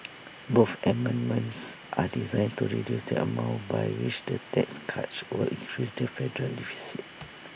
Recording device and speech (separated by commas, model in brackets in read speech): boundary microphone (BM630), read sentence